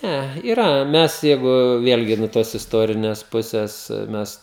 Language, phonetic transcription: Lithuanian, ˈnæ yˈra ˈmes ˈjeigu ˈvėlgi nuo ˈtos isˈtorines ˈpuses ˈmes

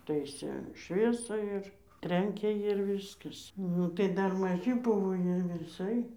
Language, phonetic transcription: Lithuanian, ˈtaisė ˈšviesą ir ˈtrenkė jir ˈvyskas ˈnu tai ˈdar maˈži ˈbuvo ˈjie viˈsai

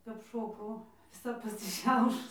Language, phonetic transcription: Lithuanian, kap ˈšokau viˈsa pasiˈšiaušus

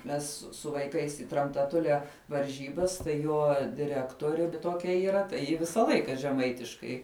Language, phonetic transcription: Lithuanian, ˈmes su vaiˈkais i tramtaˈtulia varˈžybas tai ˈjo diˈrektuori tuoˈkia yˈra tai ˈji ˈvisa ˈlaika žeˈmaitiškai

